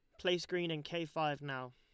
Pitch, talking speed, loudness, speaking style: 160 Hz, 235 wpm, -38 LUFS, Lombard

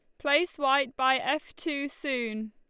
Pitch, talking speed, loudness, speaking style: 280 Hz, 155 wpm, -28 LUFS, Lombard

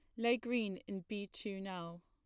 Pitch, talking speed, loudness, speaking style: 205 Hz, 195 wpm, -40 LUFS, plain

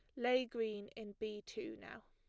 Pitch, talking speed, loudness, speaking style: 220 Hz, 190 wpm, -42 LUFS, plain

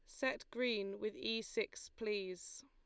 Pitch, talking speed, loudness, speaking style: 225 Hz, 145 wpm, -41 LUFS, Lombard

